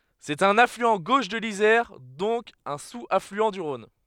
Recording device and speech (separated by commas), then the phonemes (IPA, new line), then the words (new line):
headset microphone, read sentence
sɛt œ̃n aflyɑ̃ ɡoʃ də lizɛʁ dɔ̃k œ̃ suz aflyɑ̃ dy ʁɔ̃n
C'est un affluent gauche de l'Isère, donc un sous-affluent du Rhône.